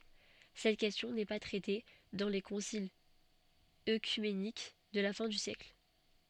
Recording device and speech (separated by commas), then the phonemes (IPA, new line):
soft in-ear microphone, read sentence
sɛt kɛstjɔ̃ nɛ pa tʁɛte dɑ̃ le kɔ̃silz økymenik də la fɛ̃ dy sjɛkl